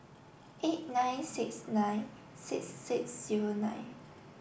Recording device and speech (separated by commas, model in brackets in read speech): boundary microphone (BM630), read sentence